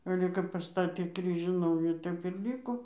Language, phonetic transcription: Lithuanian, ˈale kap paˈstatė ˈkryžių ˈnaujų ˈtep ir ˈlyko

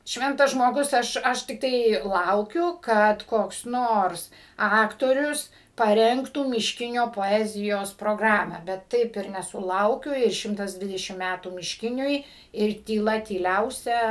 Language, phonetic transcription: Lithuanian, ˈšventas žmoˈgus ˈaš ˈaš tikˈtai ˈlaukiu ˈkad koks ˈnors ˈaktorius paˈrengtų mišˈkinio poˈezijos proˈgramą bet ˈtaip ir nesuˈlaukiu ir ˈšimtas ˈdvidešim ˈmætų mišˈkiniui ir tyˈla tyˈliausia

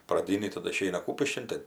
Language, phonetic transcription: Lithuanian, praˈdynį taˈdu iˈšeina ˈkūpiškin ˈtɜ

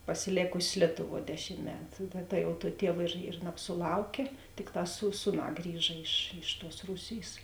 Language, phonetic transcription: Lithuanian, pasiˈlėkusės ˈlietuˌvuo ˈdešim ˈmetu ta ta jau tuo ˈtiev ir ir nabsuˈlaukė ˈtikˌtā sū ˈsūˌnā ˈgrįža iš iš tuos ˈrūsėjs

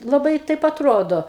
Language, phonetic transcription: Lithuanian, laˈbai ˈtaip atˈrodo

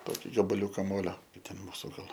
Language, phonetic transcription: Lithuanian, ˈtoki gabaˈliūka ˈmolio i ˈten ˈmūsu ˈgal

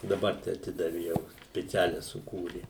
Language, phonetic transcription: Lithuanian, daˈbar tai aˈtidavi jau spiˈcialia suˈkūri

